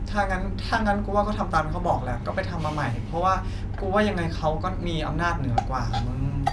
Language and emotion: Thai, frustrated